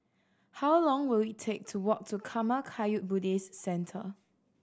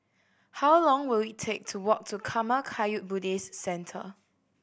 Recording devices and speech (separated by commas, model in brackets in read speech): standing microphone (AKG C214), boundary microphone (BM630), read sentence